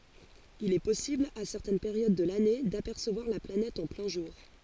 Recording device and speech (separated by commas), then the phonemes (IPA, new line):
forehead accelerometer, read sentence
il ɛ pɔsibl a sɛʁtɛn peʁjod də lane dapɛʁsəvwaʁ la planɛt ɑ̃ plɛ̃ ʒuʁ